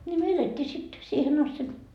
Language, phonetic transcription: Finnish, ńi no 'elettii sit , 'siihen ‿asti .
- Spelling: niin no elettiin sitten siihen asti

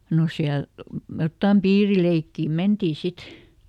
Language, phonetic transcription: Finnish, no ˈsiäl , jottam "piirileikkì ˈmentii ˈsit .
- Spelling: no siellä jotakin piirileikkiä mentiin sitten

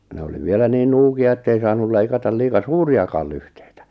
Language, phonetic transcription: Finnish, 'ne oli 'vielä niin 'nuuki₍a ettei 'saanul leikata 'liika "suuri₍akàl' lyhtᴇɪtᴀ̈ .
- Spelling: ne oli vielä niin nuukia että ei saanut leikata liian suuriakaan lyhteitä

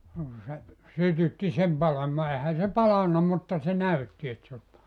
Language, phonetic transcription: Finnish, no ku se , 'sytytti sem 'palamaa 'ehä se "palanna 'mutta se "näytti et se os pala[nna] .
- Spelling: no kun se sytytti sen palamaan eihän se palanut mutta se näytti että se olisi palanut

